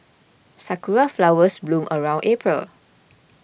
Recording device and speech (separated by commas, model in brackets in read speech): boundary microphone (BM630), read sentence